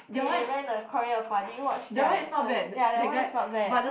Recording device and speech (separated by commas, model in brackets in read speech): boundary microphone, conversation in the same room